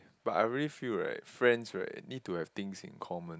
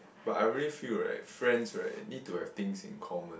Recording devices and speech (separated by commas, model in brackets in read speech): close-talking microphone, boundary microphone, conversation in the same room